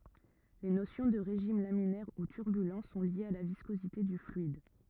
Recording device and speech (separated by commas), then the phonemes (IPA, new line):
rigid in-ear microphone, read sentence
le nosjɔ̃ də ʁeʒim laminɛʁ u tyʁbylɑ̃ sɔ̃ ljez a la viskozite dy flyid